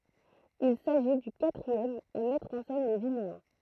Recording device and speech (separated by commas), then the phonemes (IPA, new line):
throat microphone, read sentence
il saʒi dy katʁiɛm a mɛtʁ ɑ̃ sɛn le vineɛ̃